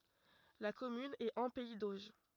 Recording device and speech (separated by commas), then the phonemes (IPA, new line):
rigid in-ear microphone, read sentence
la kɔmyn ɛt ɑ̃ pɛi doʒ